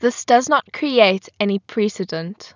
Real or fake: real